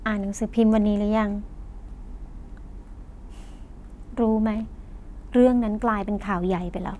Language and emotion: Thai, sad